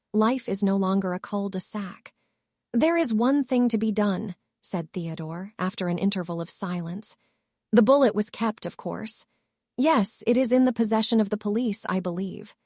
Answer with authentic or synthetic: synthetic